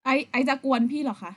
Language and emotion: Thai, angry